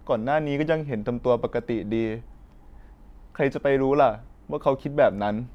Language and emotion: Thai, sad